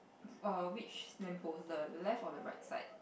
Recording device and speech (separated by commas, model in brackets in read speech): boundary microphone, conversation in the same room